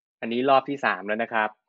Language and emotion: Thai, neutral